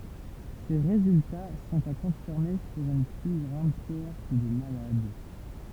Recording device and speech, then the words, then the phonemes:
temple vibration pickup, read sentence
Ces résultats sont à confirmer sur une plus grande cohorte de malades.
se ʁezylta sɔ̃t a kɔ̃fiʁme syʁ yn ply ɡʁɑ̃d koɔʁt də malad

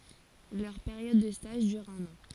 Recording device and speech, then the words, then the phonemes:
forehead accelerometer, read sentence
Leur période de stage dure un an.
lœʁ peʁjɔd də staʒ dyʁ œ̃n ɑ̃

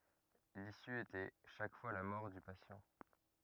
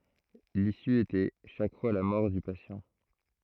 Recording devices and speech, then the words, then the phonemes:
rigid in-ear microphone, throat microphone, read sentence
L'issue était chaque fois la mort du patient.
lisy etɛ ʃak fwa la mɔʁ dy pasjɑ̃

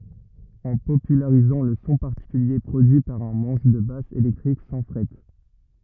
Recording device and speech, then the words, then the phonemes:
rigid in-ear microphone, read sentence
En popularisant le son particulier produit par un manche de basse électrique sans frettes.
ɑ̃ popylaʁizɑ̃ lə sɔ̃ paʁtikylje pʁodyi paʁ œ̃ mɑ̃ʃ də bas elɛktʁik sɑ̃ fʁɛt

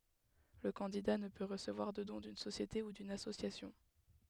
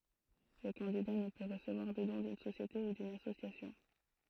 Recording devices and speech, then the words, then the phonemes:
headset microphone, throat microphone, read sentence
Le candidat ne peut recevoir de don d'une société ou d'une association.
lə kɑ̃dida nə pø ʁəsəvwaʁ də dɔ̃ dyn sosjete u dyn asosjasjɔ̃

